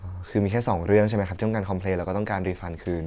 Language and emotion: Thai, neutral